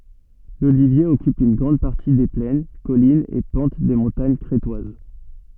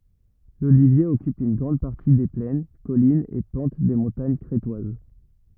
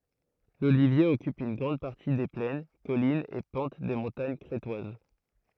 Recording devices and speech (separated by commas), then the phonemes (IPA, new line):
soft in-ear microphone, rigid in-ear microphone, throat microphone, read sentence
lolivje ɔkyp yn ɡʁɑ̃d paʁti de plɛn kɔlinz e pɑ̃t de mɔ̃taɲ kʁetwaz